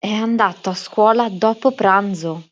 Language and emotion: Italian, surprised